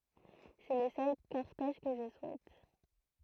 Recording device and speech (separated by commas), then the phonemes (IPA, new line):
throat microphone, read sentence
sɛ lə sœl kɔʁtɛʒ kə ʒə suɛt